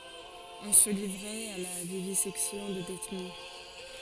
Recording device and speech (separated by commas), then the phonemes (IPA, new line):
forehead accelerometer, read sentence
ɔ̃ sə livʁɛt a la vivizɛksjɔ̃ də detny